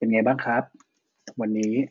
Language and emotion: Thai, neutral